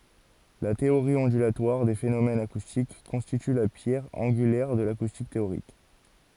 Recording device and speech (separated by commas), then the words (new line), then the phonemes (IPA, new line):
forehead accelerometer, read sentence
La théorie ondulatoire des phénomènes acoustiques constitue la pierre angulaire de l'acoustique théorique.
la teoʁi ɔ̃dylatwaʁ de fenomɛnz akustik kɔ̃stity la pjɛʁ ɑ̃ɡylɛʁ də lakustik teoʁik